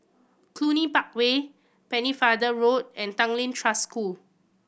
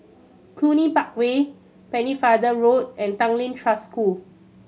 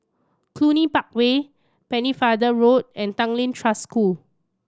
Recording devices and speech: boundary microphone (BM630), mobile phone (Samsung C7100), standing microphone (AKG C214), read sentence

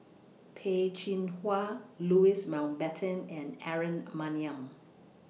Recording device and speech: mobile phone (iPhone 6), read sentence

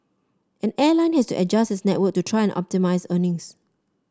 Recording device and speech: standing microphone (AKG C214), read sentence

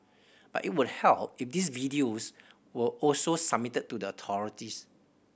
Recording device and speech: boundary microphone (BM630), read sentence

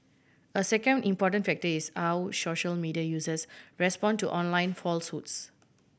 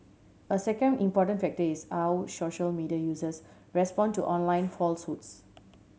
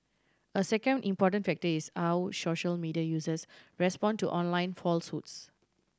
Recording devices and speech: boundary microphone (BM630), mobile phone (Samsung C7100), standing microphone (AKG C214), read sentence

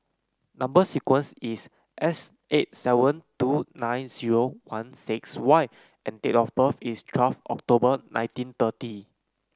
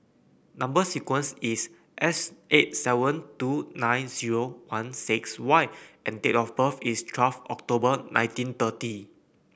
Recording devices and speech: close-talking microphone (WH30), boundary microphone (BM630), read sentence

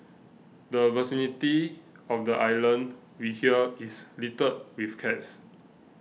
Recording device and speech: mobile phone (iPhone 6), read sentence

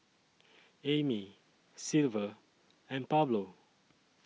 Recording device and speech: mobile phone (iPhone 6), read sentence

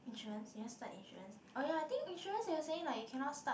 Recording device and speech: boundary microphone, conversation in the same room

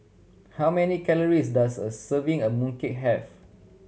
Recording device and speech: mobile phone (Samsung C7100), read sentence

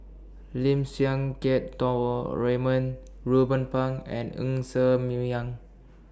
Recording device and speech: standing microphone (AKG C214), read sentence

